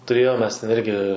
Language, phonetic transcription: Lithuanian, tuˈrėjom mes ten ˈirgi

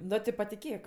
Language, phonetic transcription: Lithuanian, ˈno ti patiˈkėk

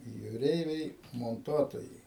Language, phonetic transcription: Lithuanian, jūˈreiviai monˈtuotojai

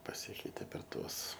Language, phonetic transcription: Lithuanian, paˈsikeite per ˈtuos

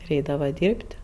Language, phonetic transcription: Lithuanian, ir ˈeidava ˈdyrb't'

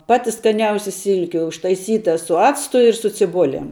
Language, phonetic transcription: Lithuanian, ˈpati skaˈniausi ˈsilki užtaiˈsyta su ˈactu ir su ciˈbulem

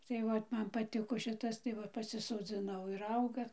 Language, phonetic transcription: Lithuanian, tai ˈvat ˈman paˈtiko ˈšitas tai ˈva pasisoˈdzinau ir ˈauga

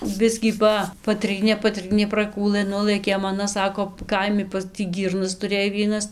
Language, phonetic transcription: Lithuanian, ˈbiskį ˈpa paˈtrynė paˈtrynė praˈkūlɘ ˈnulɘkėm aˈna ˈsako ˈkaimi pas tį ˈgyrnas tuˈrėj ˈvienas

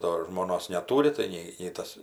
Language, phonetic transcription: Lithuanian, ˈdo žmoˈnos neˈtūri tai ˈnei nei ˈtas

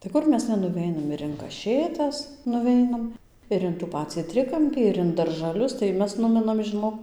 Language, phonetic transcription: Lithuanian, tai ˈkur mes nenuˈveinam ir in kaˈšėtas nuˈveinam ir in tų ˈpacį ˈtrikampį ir in daržaˈlius tai ˈmes ˈnuminam žiˈnok

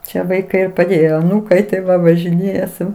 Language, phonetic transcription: Lithuanian, ˈčia vaiˈkai i paˈdėjo aˈnūkai tai ˈva važiˈnėja su

